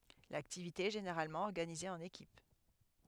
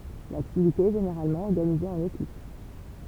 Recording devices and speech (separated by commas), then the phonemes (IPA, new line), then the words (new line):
headset microphone, temple vibration pickup, read sentence
laktivite ɛ ʒeneʁalmɑ̃ ɔʁɡanize ɑ̃n ekip
L'activité est généralement organisée en équipes.